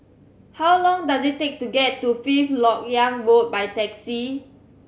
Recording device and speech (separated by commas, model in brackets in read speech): mobile phone (Samsung C7100), read sentence